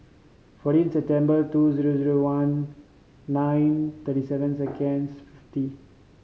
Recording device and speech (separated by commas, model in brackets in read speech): mobile phone (Samsung C5010), read sentence